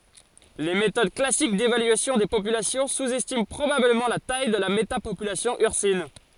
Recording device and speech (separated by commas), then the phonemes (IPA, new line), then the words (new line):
forehead accelerometer, read sentence
le metod klasik devalyasjɔ̃ de popylasjɔ̃ suzɛstimɑ̃ pʁobabləmɑ̃ la taj də la metapopylasjɔ̃ yʁsin
Les méthodes classique d'évaluation des populations sous-estiment probablement la taille de la métapopulation ursine.